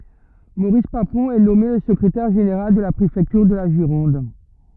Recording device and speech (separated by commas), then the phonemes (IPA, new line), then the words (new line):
rigid in-ear microphone, read sentence
moʁis papɔ̃ ɛ nɔme lə səkʁetɛʁ ʒeneʁal də la pʁefɛktyʁ də la ʒiʁɔ̃d
Maurice Papon est nommé le secrétaire général de la préfecture de la Gironde.